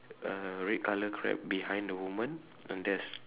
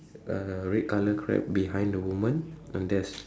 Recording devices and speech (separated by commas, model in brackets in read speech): telephone, standing microphone, conversation in separate rooms